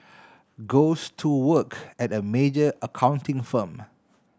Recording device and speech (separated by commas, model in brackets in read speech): standing microphone (AKG C214), read sentence